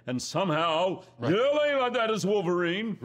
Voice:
dramatic voice